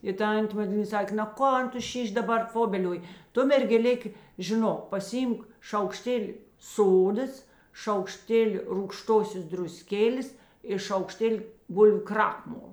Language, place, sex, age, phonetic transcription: Lithuanian, Žemaitija, female, 60+, i ˈtantė maˈdlyna ˈsakė na ˈkon ˈtu ˈšyš' daˈbar ˈfobelioj ˈtu mergeˈlėk žiˈnok pasiˈymk šaukˈštėli ˈsodas šaukˈštėli rūgˈštosios druˈskėlės i šaukˈštėli ˈbulviu ˈkrakmol

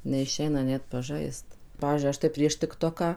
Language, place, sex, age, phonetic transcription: Lithuanian, Suvalkija, female, 18-60, neiˈšeina ˈnet paˈžaist ˈpavyzdžiui ˈaš tai ˈprieš tikˈtoką

